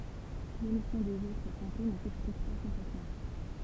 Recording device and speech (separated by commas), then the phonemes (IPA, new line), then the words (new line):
temple vibration pickup, read sentence
lomisjɔ̃ dez otʁ kɔ̃te nə sɛksplik pa kɔ̃plɛtmɑ̃
L’omission des autres comtés ne s’explique pas complètement.